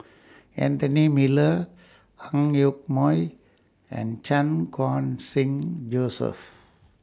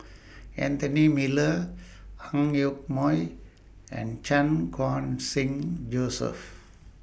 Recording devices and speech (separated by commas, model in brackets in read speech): standing microphone (AKG C214), boundary microphone (BM630), read sentence